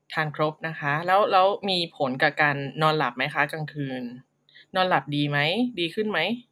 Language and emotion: Thai, neutral